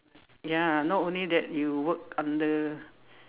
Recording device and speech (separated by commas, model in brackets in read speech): telephone, conversation in separate rooms